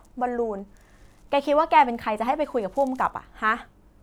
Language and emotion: Thai, frustrated